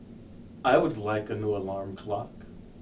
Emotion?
neutral